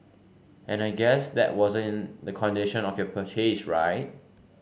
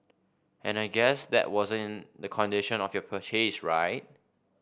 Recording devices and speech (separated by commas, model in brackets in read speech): mobile phone (Samsung C5), boundary microphone (BM630), read sentence